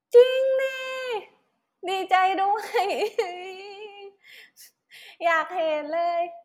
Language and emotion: Thai, happy